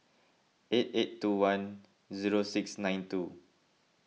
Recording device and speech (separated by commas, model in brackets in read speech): mobile phone (iPhone 6), read sentence